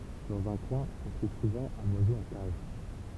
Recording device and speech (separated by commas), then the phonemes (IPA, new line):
temple vibration pickup, read sentence
dɑ̃z œ̃ kwɛ̃ ɔ̃ tʁuv suvɑ̃ œ̃n wazo ɑ̃ kaʒ